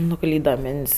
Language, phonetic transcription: Lithuanian, nuˈklyda ˈmint's'

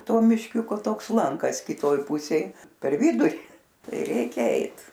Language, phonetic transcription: Lithuanian, ˈto mišˈkiuko ˈtoks ˈlankas kiˈtoj ˈpusėj per ˈviduri ˈtai ˈreikia ˈeit

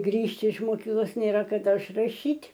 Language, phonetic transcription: Lithuanian, ˈgrįžti iš moˈkyklos ˈnėra kaˈda išraˈšyt'

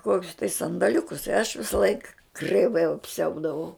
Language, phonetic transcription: Lithuanian, ˈkokius tai sandaˈliukus i aš visaˈlaik kreiˈvai apˈsiaudavau

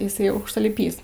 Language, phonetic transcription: Lithuanian, iˈsai aukštaliˈpys

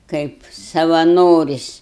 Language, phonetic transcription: Lithuanian, ˈkaip savaˈnoris'

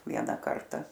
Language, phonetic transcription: Lithuanian, ˈviena ˈkarta

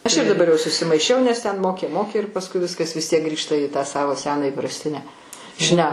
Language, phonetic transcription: Lithuanian, ˈaš ir daˈbar jau susimaiˈšiau nes ˈten ˈmokė ˈmokė ir pasˈkui ˈviskas vis ˈtiek ˈgrįžta į tą ˈsavo ˈseną įprasˈtinę ˈšne

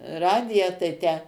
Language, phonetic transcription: Lithuanian, ˈradiją tai ˈtę

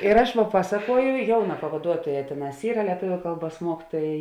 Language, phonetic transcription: Lithuanian, ir aš ˈva ˈpasakuoju ˈjauˌnā pavaˈduotuoˌjā ˈtėˌnās ˈyra lieˈtuviu ˈkalˌbuos ˈmuokituoja

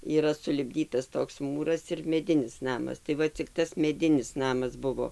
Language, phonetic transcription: Lithuanian, yˈra sulipˈdytas ˈtoks ˈmūras ir meˈdinis ˈnamas tai ˈva cik ˈtas meˈdinis ˈnamas ˈbuvo

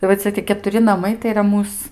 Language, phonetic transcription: Lithuanian, i va ˈcia tie ketuˈri naˈmai tai yˈra ˈmūs

